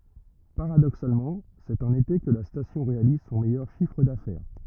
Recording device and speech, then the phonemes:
rigid in-ear microphone, read sentence
paʁadoksalmɑ̃ sɛt ɑ̃n ete kə la stasjɔ̃ ʁealiz sɔ̃ mɛjœʁ ʃifʁ dafɛʁ

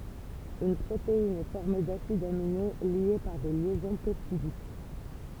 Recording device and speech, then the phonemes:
temple vibration pickup, read sentence
yn pʁotein ɛ fɔʁme dasidz amine lje paʁ de ljɛzɔ̃ pɛptidik

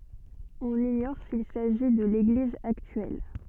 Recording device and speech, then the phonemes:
soft in-ear microphone, read sentence
ɔ̃n iɲɔʁ sil saʒi də leɡliz aktyɛl

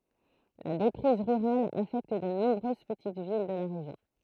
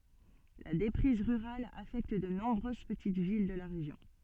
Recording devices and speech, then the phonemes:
throat microphone, soft in-ear microphone, read sentence
la depʁiz ʁyʁal afɛkt də nɔ̃bʁøz pətit vil də la ʁeʒjɔ̃

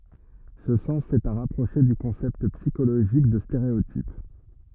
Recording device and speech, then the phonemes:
rigid in-ear microphone, read sentence
sə sɑ̃s ɛt a ʁapʁoʃe dy kɔ̃sɛpt psikoloʒik də steʁeotip

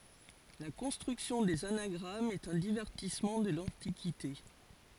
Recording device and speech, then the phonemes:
forehead accelerometer, read sentence
la kɔ̃stʁyksjɔ̃ dez anaɡʁamz ɛt œ̃ divɛʁtismɑ̃ də lɑ̃tikite

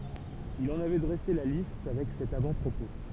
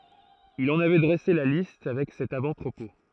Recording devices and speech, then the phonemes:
temple vibration pickup, throat microphone, read sentence
il ɑ̃n avɛ dʁɛse la list avɛk sɛt avɑ̃tpʁopo

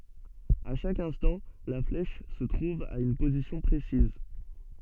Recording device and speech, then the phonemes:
soft in-ear microphone, read sentence
a ʃak ɛ̃stɑ̃ la flɛʃ sə tʁuv a yn pozisjɔ̃ pʁesiz

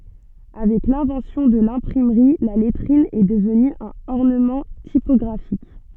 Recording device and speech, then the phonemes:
soft in-ear microphone, read sentence
avɛk lɛ̃vɑ̃sjɔ̃ də lɛ̃pʁimʁi la lɛtʁin ɛ dəvny œ̃n ɔʁnəmɑ̃ tipɔɡʁafik

